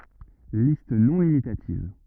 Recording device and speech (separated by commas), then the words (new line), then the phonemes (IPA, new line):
rigid in-ear microphone, read sentence
Liste non limitative.
list nɔ̃ limitativ